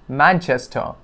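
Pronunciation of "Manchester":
In 'Manchester', the stress is on the first syllable, 'Man', and 'chester' is said slowly and gently.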